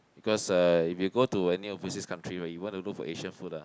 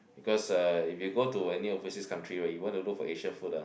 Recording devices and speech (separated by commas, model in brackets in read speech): close-talking microphone, boundary microphone, conversation in the same room